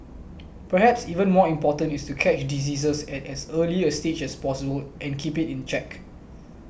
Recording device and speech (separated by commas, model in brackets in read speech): boundary microphone (BM630), read sentence